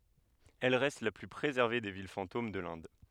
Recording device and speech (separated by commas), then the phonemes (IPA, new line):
headset microphone, read sentence
ɛl ʁɛst la ply pʁezɛʁve de vil fɑ̃tom də lɛ̃d